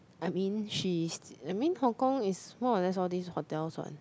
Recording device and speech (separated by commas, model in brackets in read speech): close-talking microphone, conversation in the same room